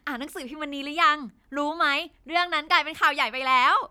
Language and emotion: Thai, happy